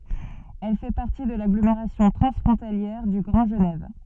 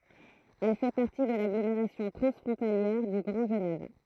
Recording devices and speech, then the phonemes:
soft in-ear microphone, throat microphone, read sentence
ɛl fɛ paʁti də laɡlomeʁasjɔ̃ tʁɑ̃sfʁɔ̃taljɛʁ dy ɡʁɑ̃ ʒənɛv

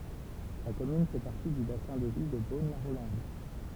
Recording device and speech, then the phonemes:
temple vibration pickup, read sentence
la kɔmyn fɛ paʁti dy basɛ̃ də vi də bonlaʁolɑ̃d

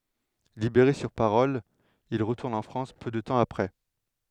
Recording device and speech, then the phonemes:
headset microphone, read sentence
libeʁe syʁ paʁɔl il ʁətuʁn ɑ̃ fʁɑ̃s pø də tɑ̃ apʁɛ

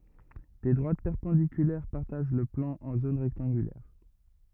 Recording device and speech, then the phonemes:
rigid in-ear microphone, read sentence
de dʁwat pɛʁpɑ̃dikylɛʁ paʁtaʒ lə plɑ̃ ɑ̃ zon ʁɛktɑ̃ɡylɛʁ

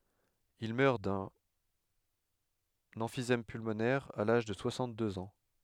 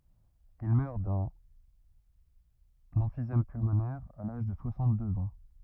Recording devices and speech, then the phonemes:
headset microphone, rigid in-ear microphone, read sentence
il mœʁ dœ̃n ɑ̃fizɛm pylmonɛʁ a laʒ də swasɑ̃tdøz ɑ̃

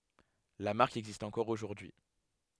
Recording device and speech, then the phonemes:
headset microphone, read sentence
la maʁk ɛɡzist ɑ̃kɔʁ oʒuʁdyi

